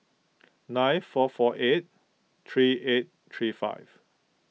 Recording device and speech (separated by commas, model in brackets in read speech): mobile phone (iPhone 6), read sentence